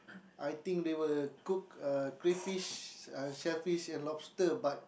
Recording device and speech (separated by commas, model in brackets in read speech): boundary microphone, conversation in the same room